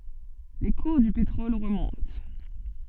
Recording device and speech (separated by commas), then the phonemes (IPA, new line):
soft in-ear microphone, read sentence
le kuʁ dy petʁɔl ʁəmɔ̃t